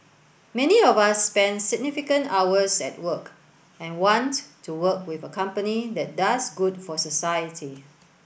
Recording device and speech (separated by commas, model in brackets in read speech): boundary microphone (BM630), read sentence